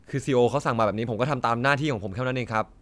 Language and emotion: Thai, frustrated